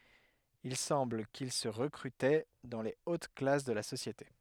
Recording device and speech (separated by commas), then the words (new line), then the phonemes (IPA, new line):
headset microphone, read sentence
Il semble qu'ils se recrutaient dans les hautes classes de la société.
il sɑ̃bl kil sə ʁəkʁytɛ dɑ̃ le ot klas də la sosjete